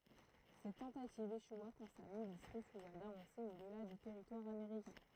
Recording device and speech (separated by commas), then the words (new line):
throat microphone, read sentence
Cette tentative échoua quand sa milice refusa d’avancer au-delà du territoire américain.